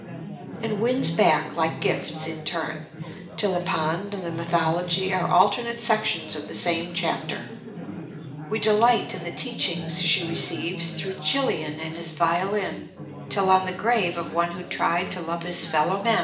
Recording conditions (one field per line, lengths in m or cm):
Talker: one person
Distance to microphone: 1.8 m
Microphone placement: close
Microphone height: 1.0 m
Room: large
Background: babble